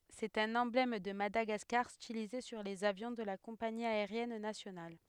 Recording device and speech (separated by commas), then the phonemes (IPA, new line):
headset microphone, read sentence
sɛt œ̃n ɑ̃blɛm də madaɡaskaʁ stilize syʁ lez avjɔ̃ də la kɔ̃pani aeʁjɛn nasjonal